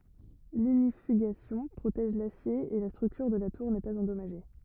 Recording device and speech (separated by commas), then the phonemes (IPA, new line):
rigid in-ear microphone, read sentence
liɲifyɡasjɔ̃ pʁotɛʒ lasje e la stʁyktyʁ də la tuʁ nɛ paz ɑ̃dɔmaʒe